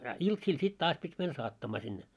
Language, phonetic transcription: Finnish, a "iltsiil sit 'taas pit́ män 'saattamaa sinne .
- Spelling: a iltaisin sitten taas piti mennä saattamaan sinne

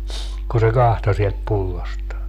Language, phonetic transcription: Finnish, ku se 'kahto sielt 'pullostaa .
- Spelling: kun se katsoi sieltä pullostaan

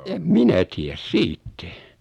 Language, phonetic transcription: Finnish, 'em "minä tiäs "siittɛ .
- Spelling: en minä tiedä siitä

